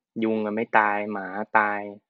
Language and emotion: Thai, neutral